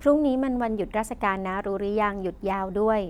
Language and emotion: Thai, neutral